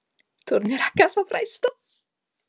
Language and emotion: Italian, happy